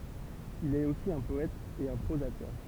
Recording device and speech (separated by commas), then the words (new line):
temple vibration pickup, read sentence
Il est aussi un poète et un prosateur.